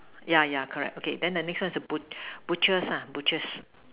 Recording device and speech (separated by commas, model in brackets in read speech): telephone, conversation in separate rooms